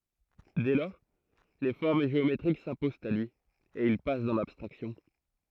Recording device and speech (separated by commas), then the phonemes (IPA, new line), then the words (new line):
throat microphone, read sentence
dɛ lɔʁ le fɔʁm ʒeometʁik sɛ̃pozɑ̃t a lyi e il pas dɑ̃ labstʁaksjɔ̃
Dès lors, les formes géométriques s'imposent à lui, et il passe dans l'abstraction.